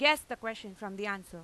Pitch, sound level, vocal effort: 210 Hz, 97 dB SPL, very loud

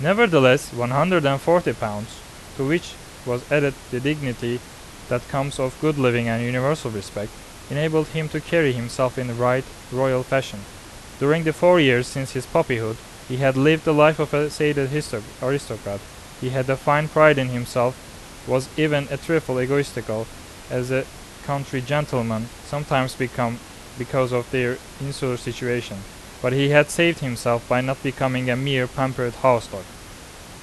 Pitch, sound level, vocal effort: 130 Hz, 87 dB SPL, loud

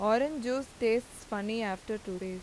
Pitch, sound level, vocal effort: 220 Hz, 88 dB SPL, normal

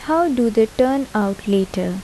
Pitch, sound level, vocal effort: 225 Hz, 78 dB SPL, soft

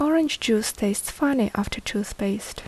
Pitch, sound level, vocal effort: 220 Hz, 72 dB SPL, soft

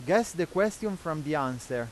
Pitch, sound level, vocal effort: 165 Hz, 92 dB SPL, loud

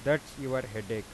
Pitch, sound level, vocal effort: 130 Hz, 91 dB SPL, normal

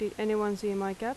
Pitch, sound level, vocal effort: 210 Hz, 85 dB SPL, normal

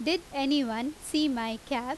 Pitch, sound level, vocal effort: 280 Hz, 88 dB SPL, loud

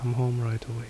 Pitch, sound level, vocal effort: 120 Hz, 70 dB SPL, soft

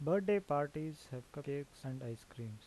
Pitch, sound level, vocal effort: 140 Hz, 83 dB SPL, normal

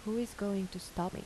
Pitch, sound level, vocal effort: 200 Hz, 80 dB SPL, soft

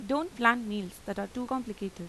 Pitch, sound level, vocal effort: 215 Hz, 86 dB SPL, normal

